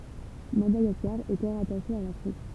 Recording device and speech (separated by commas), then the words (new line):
temple vibration pickup, read sentence
Madagascar était rattachée à l'Afrique.